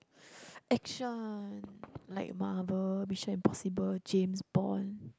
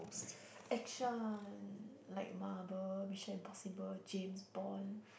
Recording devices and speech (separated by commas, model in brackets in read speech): close-talking microphone, boundary microphone, conversation in the same room